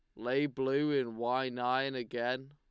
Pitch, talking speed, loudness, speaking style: 130 Hz, 155 wpm, -33 LUFS, Lombard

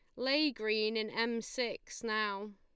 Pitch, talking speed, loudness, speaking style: 220 Hz, 155 wpm, -34 LUFS, Lombard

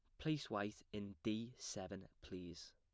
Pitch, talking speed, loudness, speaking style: 100 Hz, 140 wpm, -47 LUFS, plain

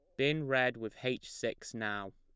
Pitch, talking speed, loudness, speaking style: 120 Hz, 185 wpm, -35 LUFS, plain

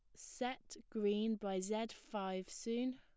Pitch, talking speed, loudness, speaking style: 220 Hz, 130 wpm, -41 LUFS, plain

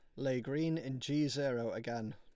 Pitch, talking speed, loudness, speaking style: 130 Hz, 185 wpm, -37 LUFS, Lombard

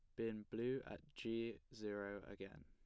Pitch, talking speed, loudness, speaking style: 110 Hz, 145 wpm, -48 LUFS, plain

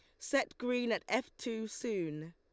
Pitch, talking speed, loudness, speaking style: 230 Hz, 170 wpm, -36 LUFS, Lombard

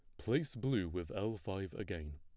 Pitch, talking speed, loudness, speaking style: 95 Hz, 185 wpm, -39 LUFS, plain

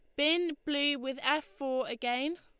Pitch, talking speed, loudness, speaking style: 285 Hz, 165 wpm, -31 LUFS, Lombard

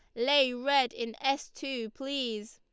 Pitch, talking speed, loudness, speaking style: 270 Hz, 150 wpm, -30 LUFS, Lombard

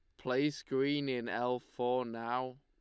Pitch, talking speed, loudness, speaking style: 125 Hz, 150 wpm, -35 LUFS, Lombard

